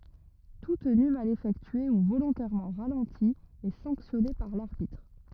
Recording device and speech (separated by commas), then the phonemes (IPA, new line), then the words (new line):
rigid in-ear microphone, read sentence
tu təny mal efɛktye u volɔ̃tɛʁmɑ̃ ʁalɑ̃ti ɛ sɑ̃ksjɔne paʁ laʁbitʁ
Tout tenu mal effectué ou volontairement ralenti est sanctionné par l'arbitre.